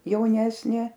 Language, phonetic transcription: Lithuanian, jauˈnesnė

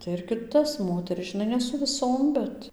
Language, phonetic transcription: Lithuanian, tai ir kiˈtas ˈmoteris žiˈnai ne su viˈsom ˈbet

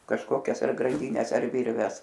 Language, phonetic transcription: Lithuanian, kažˈkokias ar granˈdynes ar ˈvirves

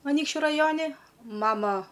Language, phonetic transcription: Lithuanian, aˈnykščiu raˈjoni ˈmama

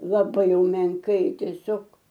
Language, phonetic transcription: Lithuanian, laˈbai jau menˈkai teˈsiog

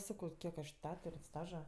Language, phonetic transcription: Lithuanian, ˈsakau ˈkiek aš ˈtetur' ˈstaža

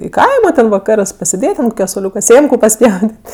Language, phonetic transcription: Lithuanian, i ˈkaimo ten vaˈkarɜs pasėˈdėt' ant koˈke soˈliūka ˈsėmku paˈspjaudėt'

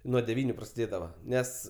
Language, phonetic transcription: Lithuanian, nuo deˈvyniu prasiˈdėdava ˈnes

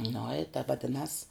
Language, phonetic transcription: Lithuanian, nu i ta vaˈdinas

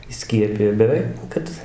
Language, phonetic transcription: Lithuanian, įˈskiepija ir geˈrai nu ˈkad

